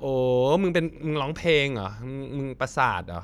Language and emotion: Thai, frustrated